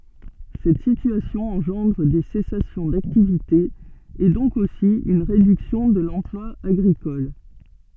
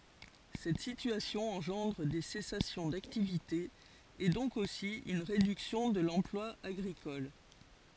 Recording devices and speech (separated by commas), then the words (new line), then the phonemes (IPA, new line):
soft in-ear microphone, forehead accelerometer, read sentence
Cette situation engendre des cessations d'activité et donc aussi une réduction de l'emploi agricole.
sɛt sityasjɔ̃ ɑ̃ʒɑ̃dʁ de sɛsasjɔ̃ daktivite e dɔ̃k osi yn ʁedyksjɔ̃ də lɑ̃plwa aɡʁikɔl